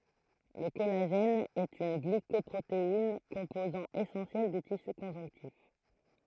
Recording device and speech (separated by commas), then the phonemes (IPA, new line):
throat microphone, read sentence
lə kɔlaʒɛn ɛt yn ɡlikɔpʁotein kɔ̃pozɑ̃ esɑ̃sjɛl dy tisy kɔ̃ʒɔ̃ktif